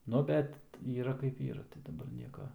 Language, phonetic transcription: Lithuanian, ˈnu bet ˈyra kaip ˈyra tai daˈbar ˈnieka

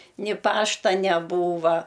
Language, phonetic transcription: Lithuanian, ni ˈpašta neˈbūva

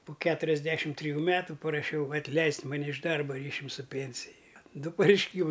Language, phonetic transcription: Lithuanian, pu ˈketuriasˌdešim triˈjų ˈmetu paraˈšiau atˈleist' maˈne iš ˈdarba ˈryšium su ˈpėnsij ˈdu pareišˈkymai

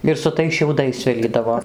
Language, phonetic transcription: Lithuanian, ir su ˈtais šiauˈdais ˈsvilydavo

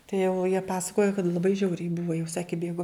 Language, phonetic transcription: Lithuanian, tai jau jie ˈpasakojo kad laˈbai ˈžiauriai ˈbuvo jau ˈsaki kai ˈbėgo

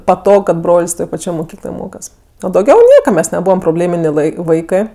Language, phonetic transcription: Lithuanian, paˈtog kad ˈbrol's' ˈtoj paˈčioj moˈkykloj ˈmokas o dauˈgiau ˈnieka ˈmes neˈbūvam proˈblėminė ˈv ai ˈvaikɜ

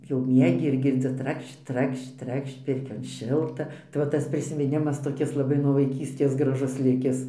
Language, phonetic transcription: Lithuanian, jau ˈmiegi ir girˈdzi ˈtrakšč ˈtrakšč ˈtrakšč ˈpirkion ˈšilta tai ˈva ˈtas prisiminˈimas toˈkis laˈbai nuo vaiˈkystės graˈžus ˈlikis

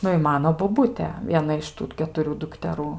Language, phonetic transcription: Lithuanian, ˈnu i ˈmano boˈbutė ˈviena iš ˈtų ketuˈrių dukteˈrų

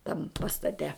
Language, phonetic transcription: Lithuanian, tam pastaˈte

